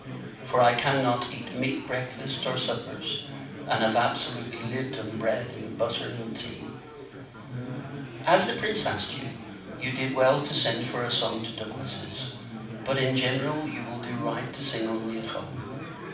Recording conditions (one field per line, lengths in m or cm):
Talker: one person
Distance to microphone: 5.8 m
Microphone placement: far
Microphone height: 1.8 m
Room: medium-sized (5.7 m by 4.0 m)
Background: babble